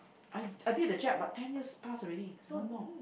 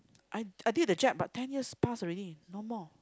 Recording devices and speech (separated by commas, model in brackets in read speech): boundary microphone, close-talking microphone, conversation in the same room